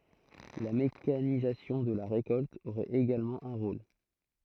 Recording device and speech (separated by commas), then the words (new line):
throat microphone, read sentence
La mécanisation de la récolte aurait également un rôle.